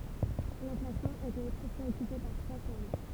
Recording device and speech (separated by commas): temple vibration pickup, read sentence